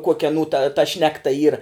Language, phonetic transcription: Lithuanian, ˈkuokia aˈnų ta ta ˈšnekta ˈyra

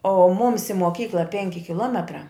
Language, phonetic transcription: Lithuanian, o ˈmums i moˈkykla ˈpenki kiˈlometrā

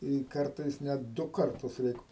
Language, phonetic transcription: Lithuanian, i ˈkartais ˈnet ˈdu ˈkartus ˈreik

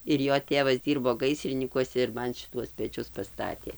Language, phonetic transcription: Lithuanian, ir ˈjo ˈtėvas ˈdyrbo ˈgaisrinykuose ir ˈman šiˈtuos peˈčius paˈstatė

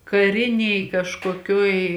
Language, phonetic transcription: Lithuanian, kaˈrinėj kažkoˈkiuoj

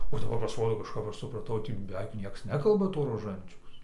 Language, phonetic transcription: Lithuanian, o daˈbar pasˈrodo kažˈkap ˈaš supraˈtau ˈtį beˈveik ˈnieks ˈnekalba to roˈžančiaus

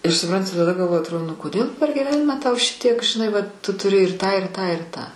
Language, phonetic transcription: Lithuanian, ir suˈpranti taˈda galˈvoji atˈrodo nu koˈdėl per giˈvenimą tau ˈšitiek žiˈnai ˈvat tu tuˈri ir ˈtą ir ˈtą ir ˈtą

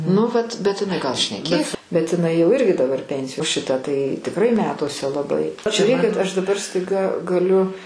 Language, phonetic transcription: Lithuanian, nu ˈvat bet iˈnai gal šneˈkės bet iˈnai jau ˈirgi daˈbar ˈpensijo o ˈšita tai tikˈrai ˈmetuose laˈbai žiuˈrėkit aš daˈbar staiˈga gaˈliu

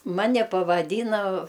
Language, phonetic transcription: Lithuanian, ˈmane pavaˈdyna

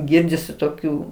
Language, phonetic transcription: Lithuanian, ˈgirdisi toˈkių

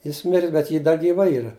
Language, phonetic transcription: Lithuanian, ˈjis ˈmiris bet ˈji ˈda gyˈva ˈyra

